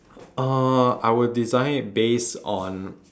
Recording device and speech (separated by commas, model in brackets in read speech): standing microphone, conversation in separate rooms